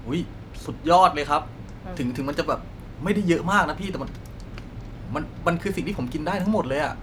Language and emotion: Thai, happy